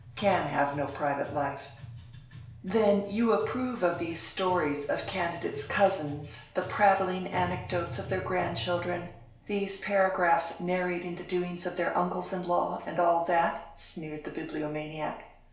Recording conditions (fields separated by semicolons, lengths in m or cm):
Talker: one person; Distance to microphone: 1.0 m; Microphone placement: close; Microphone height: 1.1 m; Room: small (3.7 m by 2.7 m); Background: music